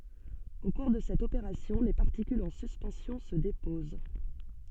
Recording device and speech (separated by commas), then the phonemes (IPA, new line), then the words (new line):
soft in-ear microphone, read sentence
o kuʁ də sɛt opeʁasjɔ̃ le paʁtikylz ɑ̃ syspɑ̃sjɔ̃ sə depoz
Au cours de cette opération, les particules en suspension se déposent.